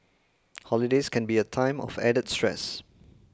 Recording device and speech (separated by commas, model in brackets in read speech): close-talking microphone (WH20), read sentence